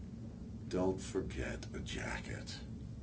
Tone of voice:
sad